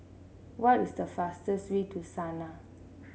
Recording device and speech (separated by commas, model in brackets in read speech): mobile phone (Samsung C7), read sentence